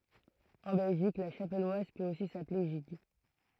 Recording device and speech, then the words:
throat microphone, read sentence
En Belgique, la chapelloise peut aussi s'appeler gigue.

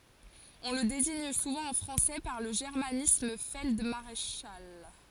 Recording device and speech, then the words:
forehead accelerometer, read sentence
On le désigne souvent en français par le germanisme feld-maréchal.

